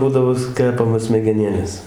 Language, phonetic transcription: Lithuanian, ˈbūdavo ˈkepamos smegeˈnėlės

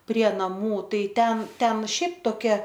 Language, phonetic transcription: Lithuanian, prie naˈmų ˈtai ˈten ˈten ˈšiaip toˈkia

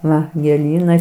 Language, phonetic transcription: Lithuanian, ˈva gėˈlynai

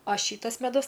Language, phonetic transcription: Lithuanian, a ˈšytas meˈdus

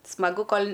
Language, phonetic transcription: Lithuanian, smaˈgu ˈkol'

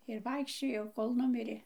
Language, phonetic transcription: Lithuanian, ir ˈvaikščiojau ˈkol ˈnumirė

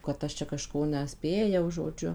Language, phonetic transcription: Lithuanian, kad ˈaš čia kaˈžko neˈspėjau žoˈdžiu

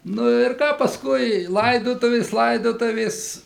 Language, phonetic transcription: Lithuanian, nu ir ˈką pasˈkui ˈlaidotuvės ˈlaidotuvės

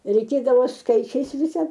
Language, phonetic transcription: Lithuanian, reiˈkėdavo ˈskaičiais ˈvisa

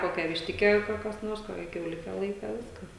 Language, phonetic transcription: Lithuanian, ˈkokią višˈtikę jau ka kas ˈnors ˈkokią kiauˈlike ˈlaika ˈviskas

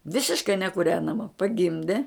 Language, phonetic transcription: Lithuanian, ˈvisiškai nekuˈrenama paˈgimde

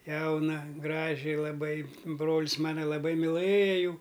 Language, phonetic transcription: Lithuanian, ˈjauna ˈgraži laˈbai ˈbrolis ˈmana laˈbai milɘja ˈjų

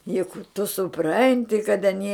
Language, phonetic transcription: Lithuanian, juk tu suˈpranti kad aˈnie

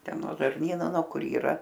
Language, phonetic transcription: Lithuanian, ˈten no žarˈnyno no ˈkur yˈra

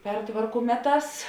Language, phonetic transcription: Lithuanian, ˈpertvarku ˈmeˌtās

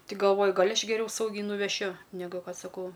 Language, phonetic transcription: Lithuanian, ti galˈvoju ˈgal' aš geˈriau ˈsaugiai nuveˈšiu neˈgu ˈkad saˈkau

